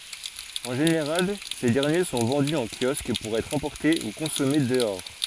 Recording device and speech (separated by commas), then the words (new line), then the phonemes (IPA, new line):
forehead accelerometer, read sentence
En général, ces derniers sont vendus en kiosque pour être emportés ou consommés dehors.
ɑ̃ ʒeneʁal se dɛʁnje sɔ̃ vɑ̃dy ɑ̃ kjɔsk puʁ ɛtʁ ɑ̃pɔʁte u kɔ̃sɔme dəɔʁ